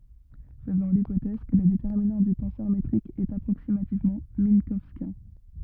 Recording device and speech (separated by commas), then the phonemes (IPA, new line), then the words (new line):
rigid in-ear microphone, read sentence
fəzɔ̃ lipotɛz kə lə detɛʁminɑ̃ dy tɑ̃sœʁ metʁik ɛt apʁoksimativmɑ̃ mɛ̃kɔwskjɛ̃
Faisons l'hypothèse que le déterminant du tenseur métrique est approximativement minkowskien.